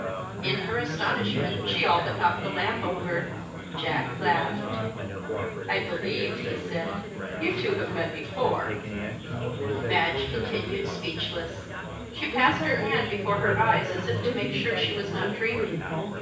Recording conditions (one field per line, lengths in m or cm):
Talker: one person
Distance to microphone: 9.8 m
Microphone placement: far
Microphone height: 1.8 m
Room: large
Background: babble